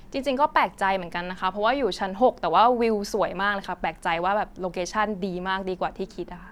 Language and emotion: Thai, neutral